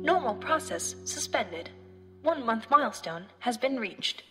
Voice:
monotone